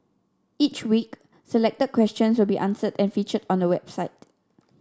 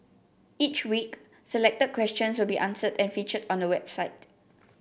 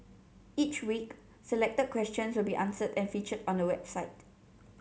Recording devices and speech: standing microphone (AKG C214), boundary microphone (BM630), mobile phone (Samsung C7), read sentence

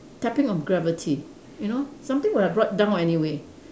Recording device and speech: standing microphone, conversation in separate rooms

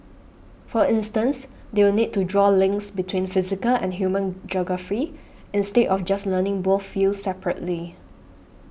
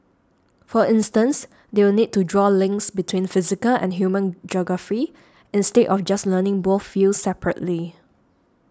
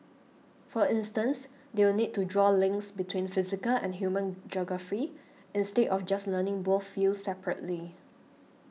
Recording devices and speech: boundary microphone (BM630), standing microphone (AKG C214), mobile phone (iPhone 6), read sentence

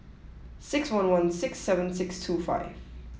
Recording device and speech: mobile phone (iPhone 7), read sentence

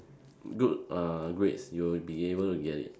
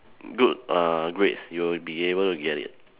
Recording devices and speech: standing microphone, telephone, conversation in separate rooms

